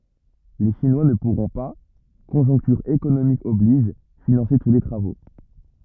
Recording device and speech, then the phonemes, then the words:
rigid in-ear microphone, read sentence
le ʃinwa nə puʁɔ̃ pa kɔ̃ʒɔ̃ktyʁ ekonomik ɔbliʒ finɑ̃se tu le tʁavo
Les Chinois ne pourront pas, conjoncture économique oblige, financer tous les travaux.

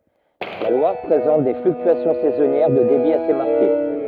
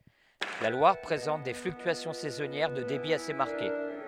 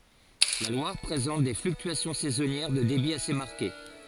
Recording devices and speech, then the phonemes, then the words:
rigid in-ear microphone, headset microphone, forehead accelerometer, read sentence
la lwaʁ pʁezɑ̃t de flyktyasjɔ̃ sɛzɔnjɛʁ də debi ase maʁke
La Loire présente des fluctuations saisonnières de débit assez marquées.

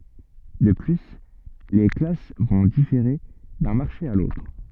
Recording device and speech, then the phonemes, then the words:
soft in-ear microphone, read sentence
də ply le klas vɔ̃ difeʁe dœ̃ maʁʃe a lotʁ
De plus, les classes vont différer d'un marché à l'autre.

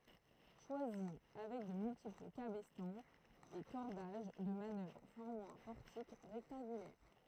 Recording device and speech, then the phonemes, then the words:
throat microphone, read sentence
ʃwazi avɛk də myltipl kabɛstɑ̃z e kɔʁdaʒ də manœvʁ fɔʁmɑ̃ œ̃ pɔʁtik ʁɛktɑ̃ɡylɛʁ
Choisy, avec de multiples cabestans et cordages de manœuvre formant un portique rectangulaire.

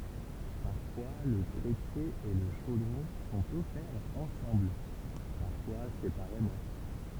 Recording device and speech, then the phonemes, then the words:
temple vibration pickup, read sentence
paʁfwa lə tʁepje e lə ʃodʁɔ̃ sɔ̃t ɔfɛʁz ɑ̃sɑ̃bl paʁfwa sepaʁemɑ̃
Parfois le trépied et le chaudron sont offerts ensemble, parfois séparément.

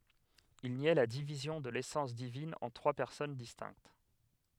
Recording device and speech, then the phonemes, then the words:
headset microphone, read sentence
il njɛ la divizjɔ̃ də lesɑ̃s divin ɑ̃ tʁwa pɛʁsɔn distɛ̃kt
Il niait la division de l'essence divine en trois personnes distinctes.

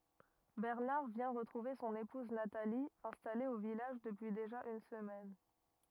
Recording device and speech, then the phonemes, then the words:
rigid in-ear microphone, read sentence
bɛʁnaʁ vjɛ̃ ʁətʁuve sɔ̃n epuz natali ɛ̃stale o vilaʒ dəpyi deʒa yn səmɛn
Bernard vient retrouver son épouse Nathalie, installée au village depuis déjà une semaine.

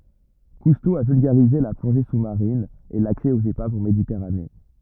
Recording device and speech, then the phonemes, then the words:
rigid in-ear microphone, read sentence
kusto a vylɡaʁize la plɔ̃ʒe su maʁin e laksɛ oz epavz ɑ̃ meditɛʁane
Cousteau a vulgarisé la plongée sous-marine et l'accès aux épaves en Méditerranée.

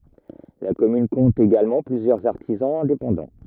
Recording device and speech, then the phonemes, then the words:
rigid in-ear microphone, read sentence
la kɔmyn kɔ̃t eɡalmɑ̃ plyzjœʁz aʁtizɑ̃z ɛ̃depɑ̃dɑ̃
La commune compte également plusieurs artisans indépendants.

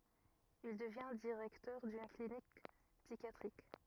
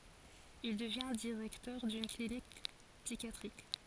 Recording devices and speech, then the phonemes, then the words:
rigid in-ear microphone, forehead accelerometer, read sentence
il dəvjɛ̃ diʁɛktœʁ dyn klinik psikjatʁik
Il devient directeur d'une clinique psychiatrique.

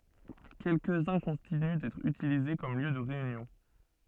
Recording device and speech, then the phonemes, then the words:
soft in-ear microphone, read sentence
kɛlkəzœ̃ kɔ̃tiny dɛtʁ ytilize kɔm ljø də ʁeynjɔ̃
Quelques-uns continuent d'être utilisés comme lieu de réunion.

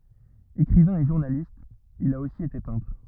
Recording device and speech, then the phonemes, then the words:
rigid in-ear microphone, read sentence
ekʁivɛ̃ e ʒuʁnalist il a osi ete pɛ̃tʁ
Écrivain et journaliste, il a aussi été peintre.

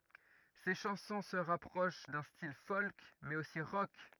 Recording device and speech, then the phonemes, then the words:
rigid in-ear microphone, read sentence
se ʃɑ̃sɔ̃ sə ʁapʁoʃ dœ̃ stil fɔlk mɛz osi ʁɔk
Ses chansons se rapprochent d'un style folk mais aussi rock.

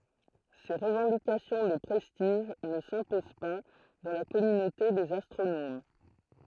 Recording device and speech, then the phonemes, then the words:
throat microphone, read sentence
se ʁəvɑ̃dikasjɔ̃ də pʁɛstiʒ nə sɛ̃pozɑ̃ pa dɑ̃ la kɔmynote dez astʁonom
Ces revendications de prestige ne s'imposent pas dans la communauté des astronomes.

